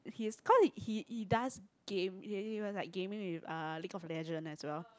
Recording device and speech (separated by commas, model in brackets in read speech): close-talking microphone, conversation in the same room